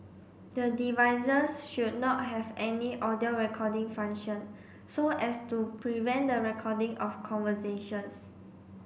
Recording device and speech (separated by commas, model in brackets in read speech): boundary microphone (BM630), read sentence